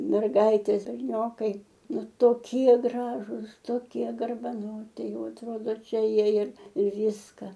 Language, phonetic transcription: Lithuanian, merˈgaitės berˈniokai ˈnu toˈkie ˈgražus toˈkie garbaˈnoti ˈjau atˈrodo ˈčia ˈjie ir ir ˈvyska

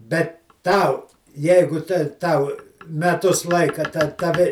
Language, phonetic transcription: Lithuanian, ˈbet ˈtau ˈjeigu te ˈtau meˈtus ˈlaika ta taˈvi

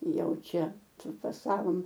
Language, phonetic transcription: Lithuanian, ˈjau ˈčia prifaˈsavom

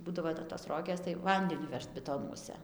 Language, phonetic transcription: Lithuanian, ˈbūdavo tai tos ˈrogės tai ˈvandeniu ˈvežt biˈtonuose

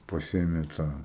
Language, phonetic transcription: Lithuanian, paˈsiėmė ˈtą

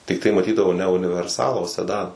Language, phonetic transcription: Lithuanian, tikˈtai maˈtydavau ne univerˈsalą o seˈdana

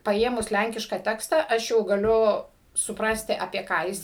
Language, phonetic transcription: Lithuanian, paˈėmus ˈlænkiška ˈteksta ˈaš jau gaˈliu suˈprasti apie ˈką jis

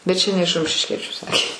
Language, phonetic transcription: Lithuanian, bet ˈčia ne iš rumšišˈkiečiu ˈsakė

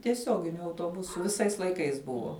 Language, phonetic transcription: Lithuanian, tieˈsioginiu autoˈbusu viˈsais laiˈkais ˈbuvo

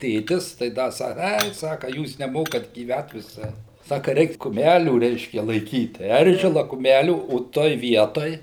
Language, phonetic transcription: Lithuanian, ˈtėtis tai ˈda ˈsaka ˈai ˈsaka ˈjūs neˈmokat gyˈvæt viˈsai ˈsaka ˈreik kuˈmælių ˈreiškia laiˈkyt ˈeržila kuˈmælių o ˈtoj ˈvietoj

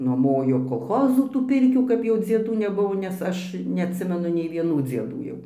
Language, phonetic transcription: Lithuanian, nuoˈmojo kolˈchozu tų ˈpirkių kap ˈjau dzieˈdų neˈbuvo nes ˈaš neatˈsimenu nei vieˈnų dzieˈdų jau

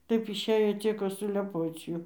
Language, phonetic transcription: Lithuanian, ˈtaip išˈėjo ˈcieko suleˈpoc ˈjų

